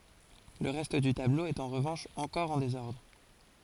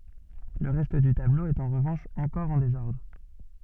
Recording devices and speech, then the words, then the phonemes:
forehead accelerometer, soft in-ear microphone, read sentence
Le reste du tableau est en revanche encore en désordre.
lə ʁɛst dy tablo ɛt ɑ̃ ʁəvɑ̃ʃ ɑ̃kɔʁ ɑ̃ dezɔʁdʁ

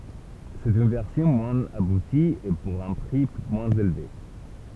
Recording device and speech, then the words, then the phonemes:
temple vibration pickup, read sentence
C'est une version moins aboutie, et pour un prix moins élevé.
sɛt yn vɛʁsjɔ̃ mwɛ̃z abuti e puʁ œ̃ pʁi mwɛ̃z elve

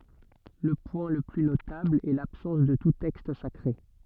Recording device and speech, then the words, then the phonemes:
soft in-ear microphone, read sentence
Le point le plus notable est l'absence de tout texte sacré.
lə pwɛ̃ lə ply notabl ɛ labsɑ̃s də tu tɛkst sakʁe

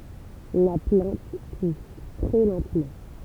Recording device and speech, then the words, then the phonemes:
temple vibration pickup, read sentence
La plante pousse très lentement.
la plɑ̃t pus tʁɛ lɑ̃tmɑ̃

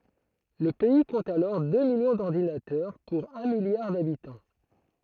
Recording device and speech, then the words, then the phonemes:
throat microphone, read sentence
Le pays compte alors deux millions d'ordinateurs pour un milliard d'habitants.
lə pɛi kɔ̃t alɔʁ dø miljɔ̃ dɔʁdinatœʁ puʁ œ̃ miljaʁ dabitɑ̃

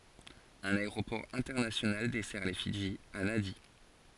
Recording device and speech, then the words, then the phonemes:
forehead accelerometer, read sentence
Un aéroport international dessert les Fidji, à Nadi.
œ̃n aeʁopɔʁ ɛ̃tɛʁnasjonal dɛsɛʁ le fidʒi a nadi

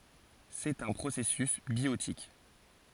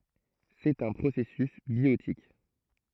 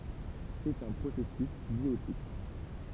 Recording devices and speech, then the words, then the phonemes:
forehead accelerometer, throat microphone, temple vibration pickup, read sentence
C'est un processus biotique.
sɛt œ̃ pʁosɛsys bjotik

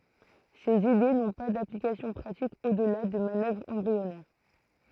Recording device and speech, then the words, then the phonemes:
throat microphone, read sentence
Ces idées n'ont pas d'application pratique au-delà de manœuvres embryonnaires.
sez ide nɔ̃ pa daplikasjɔ̃ pʁatik odla də manœvʁz ɑ̃bʁiɔnɛʁ

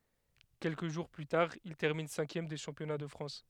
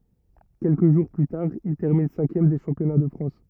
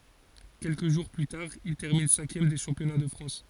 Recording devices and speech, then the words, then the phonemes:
headset microphone, rigid in-ear microphone, forehead accelerometer, read sentence
Quelques jours plus tard, il termine cinquième des championnats de France.
kɛlkə ʒuʁ ply taʁ il tɛʁmin sɛ̃kjɛm de ʃɑ̃pjɔna də fʁɑ̃s

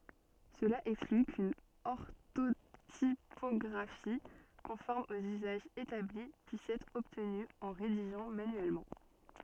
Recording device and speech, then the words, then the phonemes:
soft in-ear microphone, read sentence
Cela exclut qu’une orthotypographie conforme aux usages établis puisse être obtenue en rédigeant manuellement.
səla ɛkskly kyn ɔʁtotipɔɡʁafi kɔ̃fɔʁm oz yzaʒz etabli pyis ɛtʁ ɔbtny ɑ̃ ʁediʒɑ̃ manyɛlmɑ̃

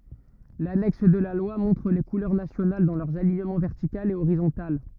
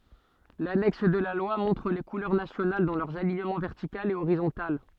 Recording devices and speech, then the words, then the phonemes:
rigid in-ear microphone, soft in-ear microphone, read sentence
L'annexe de la loi montre les couleurs nationales dans leurs alignements vertical et horizontal.
lanɛks də la lwa mɔ̃tʁ le kulœʁ nasjonal dɑ̃ lœʁz aliɲəmɑ̃ vɛʁtikal e oʁizɔ̃tal

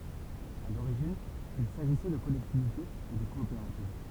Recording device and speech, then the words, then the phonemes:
temple vibration pickup, read sentence
À l'origine il s'agissait de collectivités et de coopératives.
a loʁiʒin il saʒisɛ də kɔlɛktivitez e də kɔopeʁativ

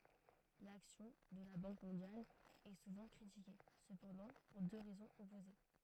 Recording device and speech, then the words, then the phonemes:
throat microphone, read sentence
L'action de la Banque mondiale est souvent critiquée, cependant pour deux raisons opposées.
laksjɔ̃ də la bɑ̃k mɔ̃djal ɛ suvɑ̃ kʁitike səpɑ̃dɑ̃ puʁ dø ʁɛzɔ̃z ɔpoze

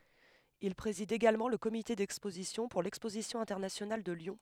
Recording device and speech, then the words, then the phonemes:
headset microphone, read sentence
Il préside également le comité d'exposition pour l'Exposition internationale de Lyon.
il pʁezid eɡalmɑ̃ lə komite dɛkspozisjɔ̃ puʁ lɛkspozisjɔ̃ ɛ̃tɛʁnasjonal də ljɔ̃

